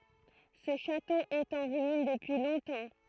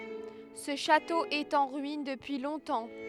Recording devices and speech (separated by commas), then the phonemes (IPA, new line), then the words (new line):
throat microphone, headset microphone, read sentence
sə ʃato ɛt ɑ̃ ʁyin dəpyi lɔ̃tɑ̃
Ce château est en ruines depuis longtemps.